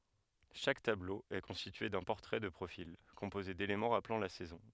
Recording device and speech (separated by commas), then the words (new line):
headset microphone, read sentence
Chaque tableau est constitué d’un portrait de profil, composé d’éléments rappelant la saison.